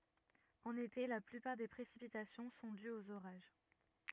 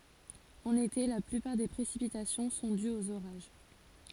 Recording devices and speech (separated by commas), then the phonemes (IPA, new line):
rigid in-ear microphone, forehead accelerometer, read sentence
ɑ̃n ete la plypaʁ de pʁesipitasjɔ̃ sɔ̃ dyz oz oʁaʒ